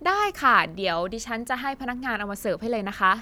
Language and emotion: Thai, neutral